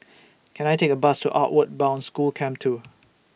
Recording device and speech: boundary microphone (BM630), read sentence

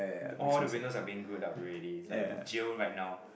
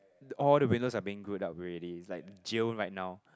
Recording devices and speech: boundary microphone, close-talking microphone, conversation in the same room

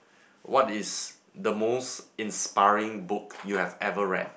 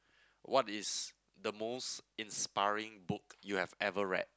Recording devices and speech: boundary microphone, close-talking microphone, conversation in the same room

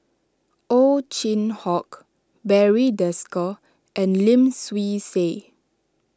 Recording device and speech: standing microphone (AKG C214), read sentence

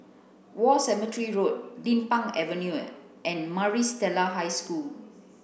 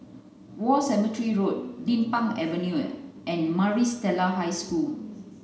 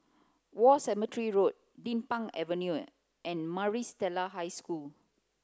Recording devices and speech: boundary microphone (BM630), mobile phone (Samsung C9), close-talking microphone (WH30), read sentence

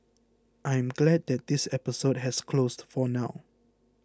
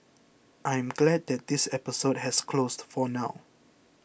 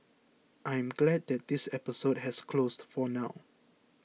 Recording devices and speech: close-talking microphone (WH20), boundary microphone (BM630), mobile phone (iPhone 6), read sentence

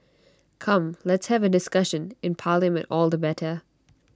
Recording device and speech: standing microphone (AKG C214), read sentence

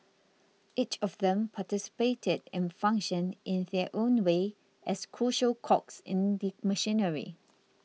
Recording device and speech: mobile phone (iPhone 6), read sentence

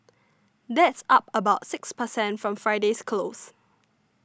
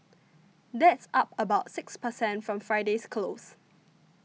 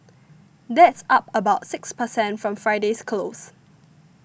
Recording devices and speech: standing microphone (AKG C214), mobile phone (iPhone 6), boundary microphone (BM630), read sentence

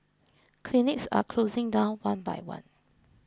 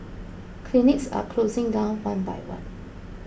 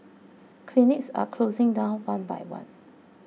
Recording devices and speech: close-talking microphone (WH20), boundary microphone (BM630), mobile phone (iPhone 6), read sentence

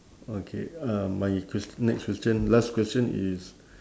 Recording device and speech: standing microphone, conversation in separate rooms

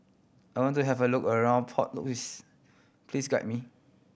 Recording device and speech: boundary microphone (BM630), read sentence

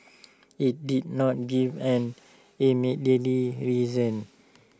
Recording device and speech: standing microphone (AKG C214), read sentence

